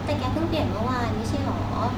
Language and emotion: Thai, frustrated